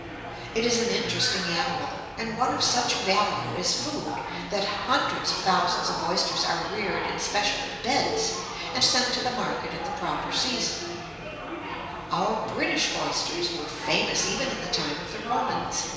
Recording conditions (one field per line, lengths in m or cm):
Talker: one person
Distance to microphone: 1.7 m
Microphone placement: close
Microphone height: 1.0 m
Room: very reverberant, large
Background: babble